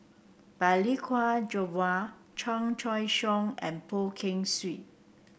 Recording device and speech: boundary microphone (BM630), read sentence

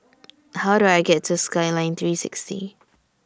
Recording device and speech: standing microphone (AKG C214), read sentence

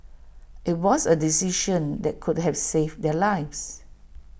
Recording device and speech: boundary microphone (BM630), read sentence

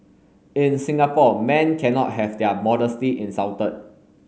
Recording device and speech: mobile phone (Samsung S8), read sentence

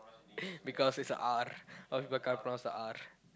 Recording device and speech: close-talking microphone, conversation in the same room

